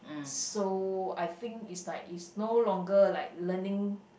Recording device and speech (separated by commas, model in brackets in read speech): boundary microphone, conversation in the same room